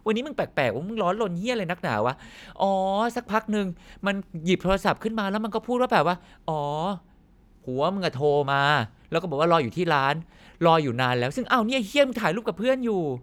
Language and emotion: Thai, neutral